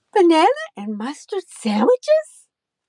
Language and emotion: English, happy